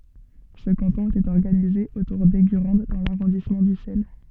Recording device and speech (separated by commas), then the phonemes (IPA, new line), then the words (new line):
soft in-ear microphone, read sentence
sə kɑ̃tɔ̃ etɛt ɔʁɡanize otuʁ dɛɡyʁɑ̃d dɑ̃ laʁɔ̃dismɑ̃ dysɛl
Ce canton était organisé autour d'Eygurande dans l'arrondissement d'Ussel.